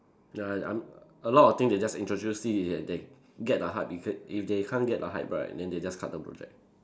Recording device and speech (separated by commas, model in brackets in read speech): standing microphone, conversation in separate rooms